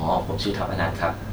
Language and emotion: Thai, neutral